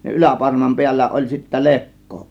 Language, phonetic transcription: Finnish, ja "ˀyläparmam 'piällä oĺ sittä "lekko .
- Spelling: ja yläparman päällä oli sitten lekko

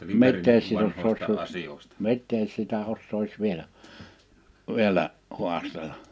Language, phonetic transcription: Finnish, mittees 'sit ‿ossois su- , "mittees sitä 'ossois vielä , 'vielä , 'huastel̀a ?
- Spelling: mitäs sitten osaisi - mitäs sitä osaisi vielä vielä haastella

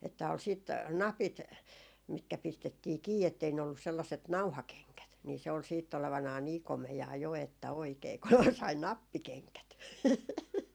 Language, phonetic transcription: Finnish, että ol sìt , "napit , mitkä 'pistettii "kii ettei ne ollus 'sellaset "nauhakeŋkät , nii se ol siitt ‿olevanaa "nii 'komejaa "jo että 'oikee kun , sai "nappikeŋkät .
- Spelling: että oli sitten napit mitkä pistettiin kiinni että ei ne ollut sellaiset nauhakengät niin se oli sitten olevinaan niin komeaa jo että oikein kun sai nappikengät

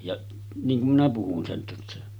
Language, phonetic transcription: Finnish, ja 'niiŋ kum minä 'puhun sen tässä .
- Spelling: ja niin kuin minä puhun sen tässä

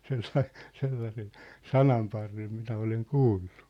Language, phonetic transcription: Finnish, 'sellai , 'sellasen̬ , "sanamparrem 'minä 'oleŋ "kuullu .
- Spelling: sellainen sellaisen sananparren minä olen kuullut

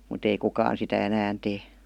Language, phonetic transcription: Finnish, mut ‿ei 'kukaan sitä 'änään tee .
- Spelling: mutta ei kukaan sitä enää tee

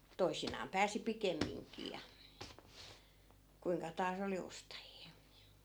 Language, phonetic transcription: Finnish, 'toisinaam 'pääsi "pikemmiŋkii ja , 'kuiŋka taas ‿oli 'ostajii (ja) .
- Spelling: toisinaan pääsi pikemminkin ja kuinka taas oli ostajia ja

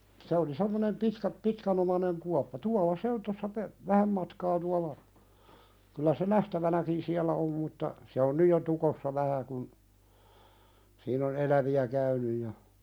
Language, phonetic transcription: Finnish, se oli 'semmonem "pitkä- "pitkänomaneŋ kuappa 'tual̆la "se on tossa pe- , 'vähäm matkaa tual̆la , kyllä se "nähtävänäkin siäl̆lä om mutta , se on 'nyj jo "tukossa 'vähä kun , siin ‿on "elävi₍ä 'käynyj ja ,.
- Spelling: se oli semmoinen - pitkänomainen kuoppa tuolla se on tuossa - vähän matkaa tuolla kyllä se nähtävänäkin siellä on mutta se on nyt jo tukossa vähän kun siinä on eläviä käynyt ja

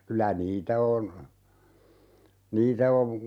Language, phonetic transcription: Finnish, 'kylä "niitä on , 'niitä ov , .
- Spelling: kyllä niitä on niitä on

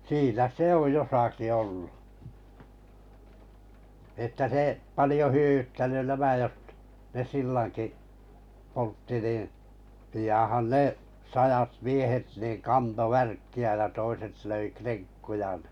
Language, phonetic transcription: Finnish, siinä 'se oj 'josaki 'ollu että 'se , 'palⁱjo 'hyᵒ̈ʷyttäny 'nämä jot- , ne 'sillaŋki , 'poltti nin̬ , pijan̬han 'ne , 'sajat 'miehet niiŋ 'kanto 'värkki₍ä ja toiset löi 'kreŋkkuja nɪ .
- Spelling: siinä se on jossakin ollut että se paljon hyödyttänyt nämä - ne sillankin poltti niin pianhan ne sadat miehet niin kantoi värkkiä ja toiset löi krenkkuja niin

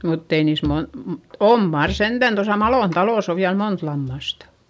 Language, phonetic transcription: Finnish, mutt ‿ei niis mon- m- , om mar sentän tosa Malòn talòs ‿o viäl mont lammastA .
- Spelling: mutta ei niissä - - on mar sentään tuossa Malon talossa on vielä monta lammasta

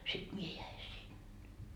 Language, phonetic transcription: Finnish, sit 'mie jäi "sinne .
- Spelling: sitten minä jäin sinne

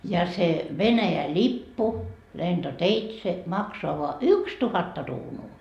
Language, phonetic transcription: Finnish, ja se , 'Venäjä "ĺippu , 'lento"teitse , 'maksoa voa "ykstuhatta ruunuu .
- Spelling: ja se Venäjän lippu lentoteitse maksaa vain yksituhatta kruunua

